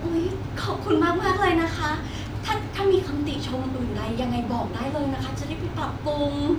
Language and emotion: Thai, happy